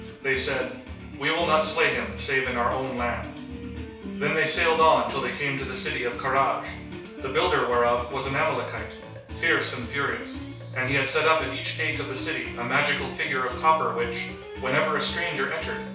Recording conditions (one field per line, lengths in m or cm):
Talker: one person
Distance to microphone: 3.0 m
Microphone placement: far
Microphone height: 1.8 m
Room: small (3.7 m by 2.7 m)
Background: music